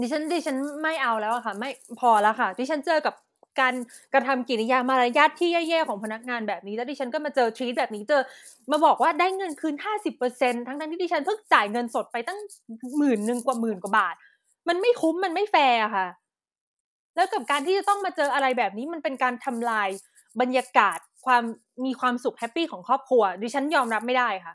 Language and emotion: Thai, frustrated